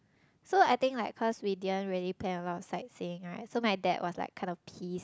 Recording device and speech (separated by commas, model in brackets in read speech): close-talking microphone, conversation in the same room